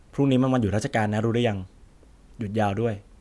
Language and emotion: Thai, neutral